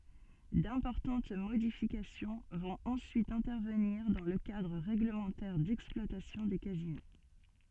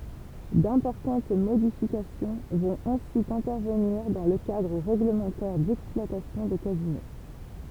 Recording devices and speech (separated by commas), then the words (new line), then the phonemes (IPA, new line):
soft in-ear microphone, temple vibration pickup, read sentence
D’importantes modifications vont ensuite intervenir dans le cadre règlementaire d’exploitation des casinos.
dɛ̃pɔʁtɑ̃t modifikasjɔ̃ vɔ̃t ɑ̃syit ɛ̃tɛʁvəniʁ dɑ̃ lə kadʁ ʁɛɡləmɑ̃tɛʁ dɛksplwatasjɔ̃ de kazino